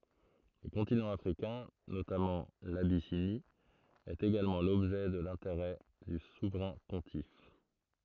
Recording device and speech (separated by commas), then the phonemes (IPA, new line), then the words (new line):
throat microphone, read sentence
lə kɔ̃tinɑ̃ afʁikɛ̃ notamɑ̃ labisini ɛt eɡalmɑ̃ lɔbʒɛ də lɛ̃teʁɛ dy suvʁɛ̃ pɔ̃tif
Le continent africain, notamment l’Abyssinie, est également l’objet de l’intérêt du souverain pontife.